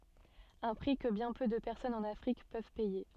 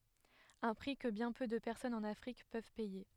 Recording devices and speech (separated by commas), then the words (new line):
soft in-ear microphone, headset microphone, read sentence
Un prix que bien peu de personnes en Afrique peuvent payer.